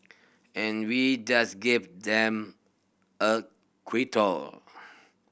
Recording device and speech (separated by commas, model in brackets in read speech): boundary microphone (BM630), read sentence